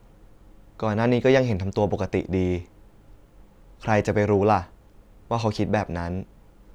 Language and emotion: Thai, neutral